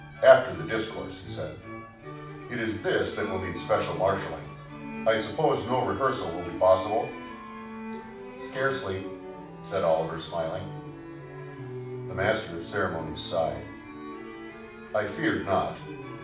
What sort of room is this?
A moderately sized room (about 5.7 m by 4.0 m).